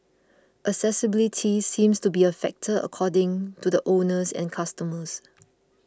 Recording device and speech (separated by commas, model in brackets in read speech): close-talking microphone (WH20), read sentence